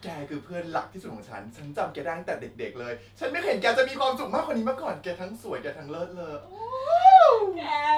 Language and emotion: Thai, happy